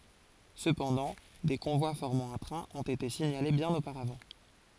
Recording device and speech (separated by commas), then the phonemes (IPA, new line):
forehead accelerometer, read sentence
səpɑ̃dɑ̃ de kɔ̃vwa fɔʁmɑ̃ œ̃ tʁɛ̃ ɔ̃t ete siɲale bjɛ̃n opaʁavɑ̃